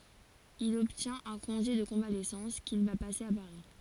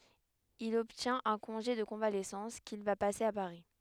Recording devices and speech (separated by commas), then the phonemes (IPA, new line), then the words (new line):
forehead accelerometer, headset microphone, read sentence
il ɔbtjɛ̃t œ̃ kɔ̃ʒe də kɔ̃valɛsɑ̃s kil va pase a paʁi
Il obtient un congé de convalescence qu'il va passer à Paris.